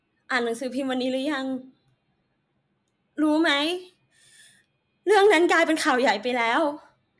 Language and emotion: Thai, sad